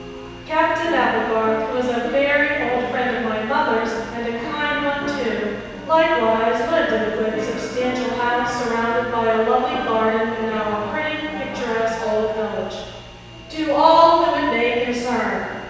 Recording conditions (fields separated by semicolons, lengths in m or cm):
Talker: one person; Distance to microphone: 7.1 m; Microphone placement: far; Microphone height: 1.7 m; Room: very reverberant, large; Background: television